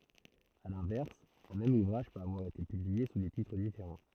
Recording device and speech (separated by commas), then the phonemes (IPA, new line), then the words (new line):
throat microphone, read sentence
a lɛ̃vɛʁs œ̃ mɛm uvʁaʒ pøt avwaʁ ete pyblie su de titʁ difeʁɑ̃
À l'inverse, un même ouvrage peut avoir été publié sous des titres différents.